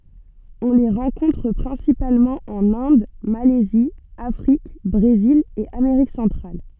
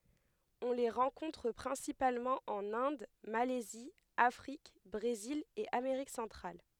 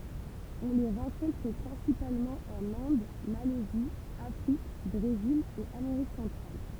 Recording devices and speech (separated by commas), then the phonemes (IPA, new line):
soft in-ear microphone, headset microphone, temple vibration pickup, read sentence
ɔ̃ le ʁɑ̃kɔ̃tʁ pʁɛ̃sipalmɑ̃ ɑ̃n ɛ̃d malɛzi afʁik bʁezil e ameʁik sɑ̃tʁal